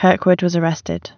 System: none